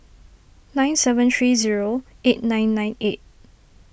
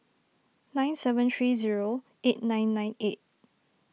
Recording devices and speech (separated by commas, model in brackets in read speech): boundary microphone (BM630), mobile phone (iPhone 6), read sentence